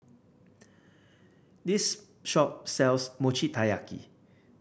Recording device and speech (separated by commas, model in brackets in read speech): boundary microphone (BM630), read sentence